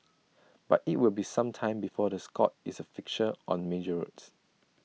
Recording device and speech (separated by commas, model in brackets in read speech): mobile phone (iPhone 6), read sentence